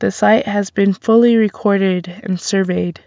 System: none